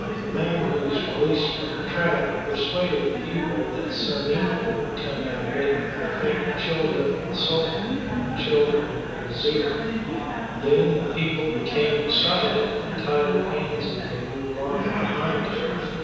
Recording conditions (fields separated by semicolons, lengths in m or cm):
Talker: one person; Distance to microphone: 7.1 m; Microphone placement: far; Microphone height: 1.7 m; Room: very reverberant, large; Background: babble